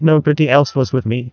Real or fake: fake